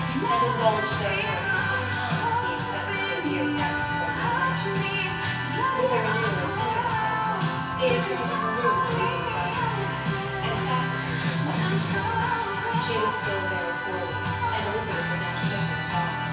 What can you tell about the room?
A large room.